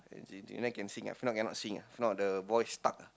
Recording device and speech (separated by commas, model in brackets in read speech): close-talking microphone, conversation in the same room